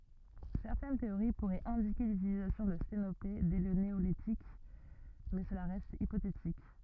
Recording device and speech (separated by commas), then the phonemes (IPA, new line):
rigid in-ear microphone, read sentence
sɛʁtɛn teoʁi puʁɛt ɛ̃dike lytilizasjɔ̃ də stenope dɛ lə neolitik mɛ səla ʁɛst ipotetik